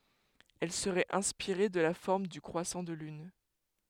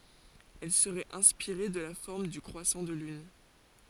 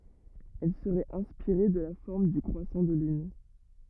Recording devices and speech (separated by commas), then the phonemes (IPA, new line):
headset microphone, forehead accelerometer, rigid in-ear microphone, read sentence
ɛl səʁɛt ɛ̃spiʁe də la fɔʁm dy kʁwasɑ̃ də lyn